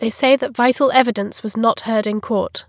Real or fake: real